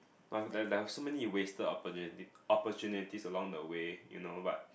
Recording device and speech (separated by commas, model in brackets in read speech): boundary microphone, conversation in the same room